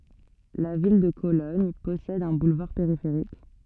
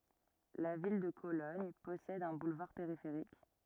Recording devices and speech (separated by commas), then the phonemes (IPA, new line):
soft in-ear microphone, rigid in-ear microphone, read sentence
la vil də kolɔɲ pɔsɛd œ̃ bulvaʁ peʁifeʁik